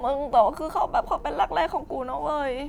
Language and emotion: Thai, sad